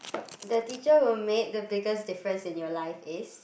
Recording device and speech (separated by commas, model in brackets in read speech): boundary microphone, conversation in the same room